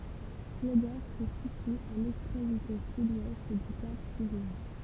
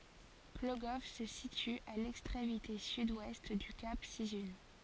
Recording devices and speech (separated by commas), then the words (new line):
temple vibration pickup, forehead accelerometer, read sentence
Plogoff se situe à l'extrémité sud-ouest du Cap Sizun.